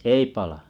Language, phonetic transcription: Finnish, 'ei palᴀ .
- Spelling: ei pala

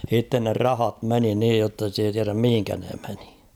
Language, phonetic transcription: Finnish, h̭itten ne "rahat 'meni 'niij jotta (sit ‿)ei tiäräm 'mihiŋkä ne meɴɪ .
- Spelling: sitten ne rahat meni niin jotta sitä ei tiedä mihin ne meni

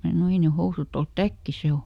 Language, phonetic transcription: Finnish, ˈmää sano » ˈei ne ˈhousùt ‿olt "täkki ˈse o » .
- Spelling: minä sanoin ei ne housut ole täkki se on

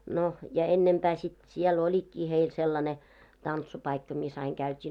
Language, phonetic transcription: Finnish, no , ja 'ennempää sit , 'siel 'oĺikkii heil sellane , 'tantsupaikka mis aiŋ käyt́ii .
- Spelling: no ja ennempää sitten siellä olikin heillä sellainen tanssipaikka missä aina käytiin

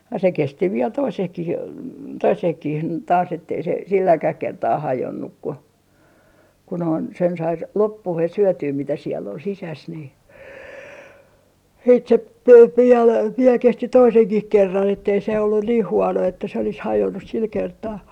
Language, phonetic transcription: Finnish, ja se "kesti viel 'toisehkih , 'toisehkih taas ettei se 'silläkäh 'kertaa "hajonnuk ku , ku noin sen sai s - 'loppuhes̆ syötyy mitä siell ‿ol 'sisäs ni siit se (viɛl) 'kesti "toiseŋkih 'kerran ettei se ollun niih "huono että se olis "hajonnus 'sil 'kertaa .
- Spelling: ja se kesti vielä toisenkin toisenkin taas että ei se silläkään kertaa hajonnut kun kun noin sen sai - loppuun syötyä mitä siellä oli sisässä niin sitten se vielä kesti toisenkin kerran että ei se ollut niin huono että se olisi hajonnut sillä kertaa

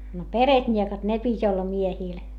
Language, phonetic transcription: Finnish, no peretńiekat ne pit́ ‿olla miehìl .
- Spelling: no peretniekat ne piti olla miehillä

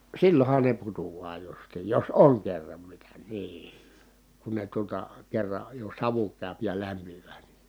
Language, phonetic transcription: Finnish, sillon̬han ne putu₍aa justiij jos oŋ kerram mitä nii , kun ne tuota , kerra , jo savu kä̀y̬p ja lämpiv̀ää ni ,.
- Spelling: silloinhan ne putoaa justiin jos on kerran mitä niin kun ne tuota kerran jo savu käy ja lämpimään niin

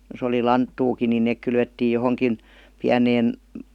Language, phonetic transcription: Finnish, jos ‿oli "lanttuukin nin̆ nèk 'kylvettiij 'johoŋkin , "piäneen ,.
- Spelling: jos oli lanttuakin niin ne kylvettiin johonkin pieneen

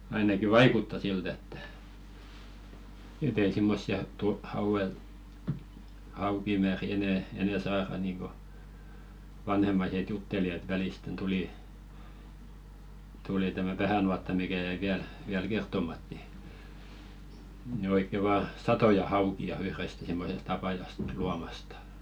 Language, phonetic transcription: Finnish, ainaki "vaikutta 'silt ‿ettᴀ̈ , et ‿ei 'simmossi₍a tu- hauʷel , 'haukimääri enɛ , enɛ "saara niiŋko , vanhemmaiset 'jutteli et "välìsten tulì , 'tuli tämä "vähä̀nuatta mikä jäi 'viäl , viäl "kert̀omat ni , nⁱ oikke 'vaa "satoja 'hauki₍a 'yhrest simmosest ‿apajast , 'luamastᴀ .
- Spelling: ainakin vaikuttaa siltä että että ei semmoisia - hauella haukimääriä enää enää saada niin kuin vanhemmaiset jutteli että välisten tuli tuli tämä vähänuotta mikä jäi vielä vielä kertomatta niin niin oikein vain satoja haukia yhdestä semmoisesta apajasta luomasta

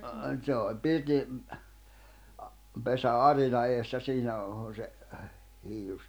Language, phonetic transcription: Finnish, ᵗse oĺ 'pirti , a- , 'pesä "’arina eessä 'siinä o- on̬ se , hiilus .
- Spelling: se oli pirtin - pesän arinan edessä siinä - on se hiilus

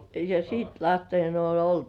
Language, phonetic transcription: Finnish, ja "siit lähtein oon 'oltu .
- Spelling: ja siitä lähtien on oltu

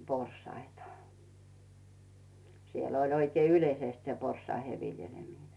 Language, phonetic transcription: Finnish, 'porsaita , 'siel ‿oĺ oikei "yĺeisest se 'pors̆saihe vi̬ljeĺemine .
- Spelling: porsaita siellä oli oikein yleisesti se porsaiden viljeleminen

